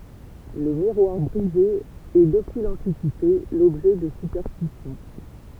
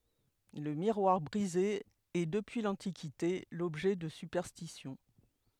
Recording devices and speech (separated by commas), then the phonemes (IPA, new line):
temple vibration pickup, headset microphone, read sentence
lə miʁwaʁ bʁize ɛ dəpyi lɑ̃tikite lɔbʒɛ də sypɛʁstisjɔ̃